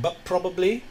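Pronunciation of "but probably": In 'but probably', the alveolar plosive at the end of 'but' assimilates to the following bilabial plosive of 'probably'.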